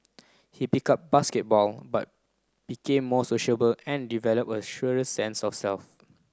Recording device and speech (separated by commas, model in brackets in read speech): close-talking microphone (WH30), read sentence